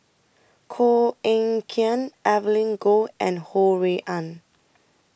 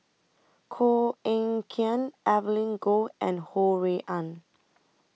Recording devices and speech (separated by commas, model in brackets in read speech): boundary microphone (BM630), mobile phone (iPhone 6), read sentence